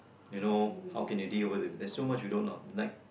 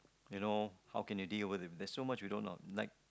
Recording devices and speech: boundary microphone, close-talking microphone, conversation in the same room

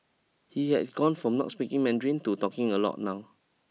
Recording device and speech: mobile phone (iPhone 6), read sentence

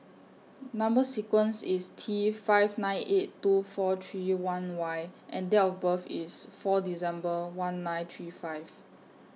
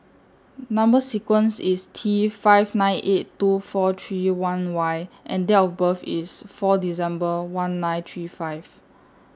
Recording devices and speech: mobile phone (iPhone 6), standing microphone (AKG C214), read sentence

